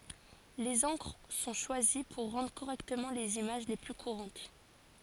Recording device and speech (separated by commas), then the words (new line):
forehead accelerometer, read sentence
Les encres sont choisies pour rendre correctement les images les plus courantes.